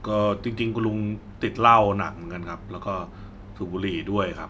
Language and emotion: Thai, neutral